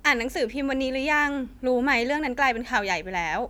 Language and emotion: Thai, neutral